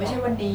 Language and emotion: Thai, sad